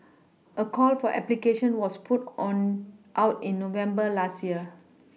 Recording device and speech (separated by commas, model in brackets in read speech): mobile phone (iPhone 6), read sentence